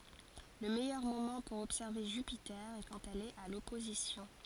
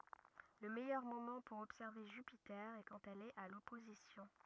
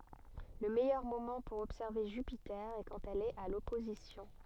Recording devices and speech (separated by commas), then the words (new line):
forehead accelerometer, rigid in-ear microphone, soft in-ear microphone, read sentence
Le meilleur moment pour observer Jupiter est quand elle est à l'opposition.